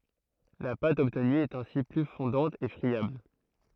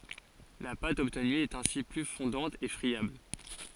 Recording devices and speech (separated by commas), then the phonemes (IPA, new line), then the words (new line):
throat microphone, forehead accelerometer, read sentence
la pat ɔbtny ɛt ɛ̃si ply fɔ̃dɑ̃t e fʁiabl
La pâte obtenue est ainsi plus fondante et friable.